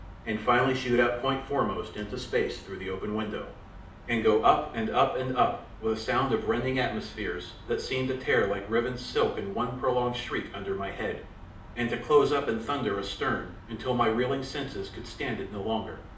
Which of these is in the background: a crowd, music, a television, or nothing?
Nothing.